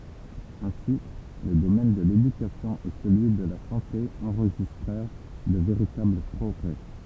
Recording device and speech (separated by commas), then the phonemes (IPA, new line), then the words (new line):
temple vibration pickup, read sentence
ɛ̃si lə domɛn də ledykasjɔ̃ e səlyi də la sɑ̃te ɑ̃ʁʒistʁɛʁ də veʁitabl pʁɔɡʁɛ
Ainsi, le domaine de l’éducation et celui de la santé enregistrèrent de véritables progrès.